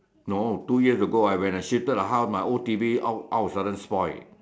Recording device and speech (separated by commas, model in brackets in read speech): standing microphone, conversation in separate rooms